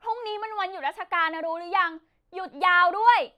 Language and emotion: Thai, angry